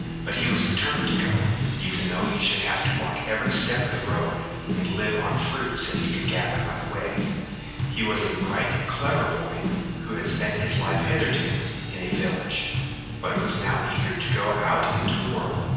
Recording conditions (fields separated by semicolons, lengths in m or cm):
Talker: one person; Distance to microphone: 7.1 m; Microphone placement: far; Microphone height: 1.7 m; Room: very reverberant, large; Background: music